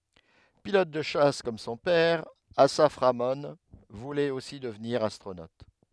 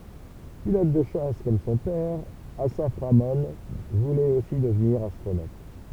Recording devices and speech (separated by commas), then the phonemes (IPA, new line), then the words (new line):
headset microphone, temple vibration pickup, read sentence
pilɔt də ʃas kɔm sɔ̃ pɛʁ asaf ʁamɔ̃ vulɛt osi dəvniʁ astʁonot
Pilote de chasse comme son père, Assaf Ramon voulait aussi devenir astronaute.